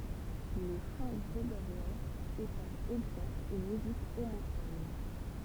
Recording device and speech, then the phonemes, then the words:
temple vibration pickup, read sentence
lə ʃɑ̃ ɡʁeɡoʁjɛ̃ ɛ paʁ ɛɡzɑ̃pl yn myzik omofɔn
Le chant grégorien est par exemple une musique homophone.

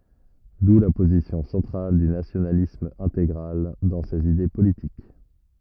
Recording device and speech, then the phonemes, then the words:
rigid in-ear microphone, read sentence
du la pozisjɔ̃ sɑ̃tʁal dy nasjonalism ɛ̃teɡʁal dɑ̃ sez ide politik
D'où la position centrale du nationalisme intégral dans ses idées politiques.

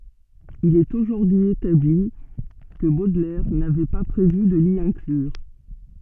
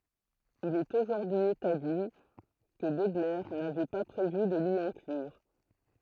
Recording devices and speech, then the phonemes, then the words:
soft in-ear microphone, throat microphone, read sentence
il ɛt oʒuʁdyi etabli kə bodlɛʁ navɛ pa pʁevy də li ɛ̃klyʁ
Il est aujourd'hui établi que Baudelaire n'avait pas prévu de l'y inclure.

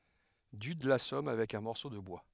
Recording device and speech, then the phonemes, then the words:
headset microphone, read sentence
dyd lasɔm avɛk œ̃ mɔʁso də bwa
Dude l'assomme avec un morceau de bois.

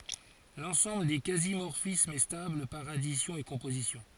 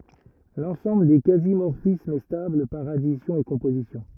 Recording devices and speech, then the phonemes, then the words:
forehead accelerometer, rigid in-ear microphone, read sentence
lɑ̃sɑ̃bl de kazi mɔʁfismz ɛ stabl paʁ adisjɔ̃ e kɔ̃pozisjɔ̃
L'ensemble des quasi-morphismes est stable par addition et composition.

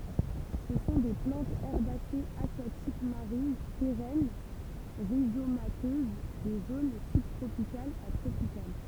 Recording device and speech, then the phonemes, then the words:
temple vibration pickup, read sentence
sə sɔ̃ de plɑ̃tz ɛʁbasez akwatik maʁin peʁɛn ʁizomatøz de zon sybtʁopikalz a tʁopikal
Ce sont des plantes herbacées aquatiques marines, pérennes, rhizomateuses des zones sub-tropicales à tropicales.

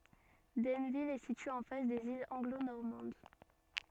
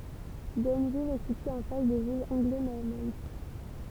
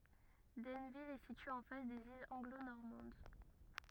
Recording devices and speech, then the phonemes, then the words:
soft in-ear microphone, temple vibration pickup, rigid in-ear microphone, read sentence
dɛnvil ɛ sitye ɑ̃ fas dez ilz ɑ̃ɡlo nɔʁmɑ̃d
Denneville est située en face des îles Anglo-Normandes.

